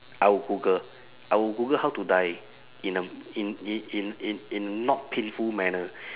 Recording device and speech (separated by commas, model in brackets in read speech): telephone, conversation in separate rooms